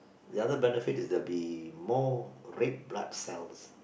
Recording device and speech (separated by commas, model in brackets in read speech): boundary microphone, conversation in the same room